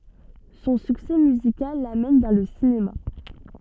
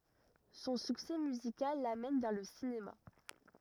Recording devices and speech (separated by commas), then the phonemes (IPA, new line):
soft in-ear microphone, rigid in-ear microphone, read sentence
sɔ̃ syksɛ myzikal lamɛn vɛʁ lə sinema